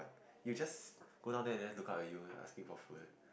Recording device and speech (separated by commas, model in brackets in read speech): boundary microphone, conversation in the same room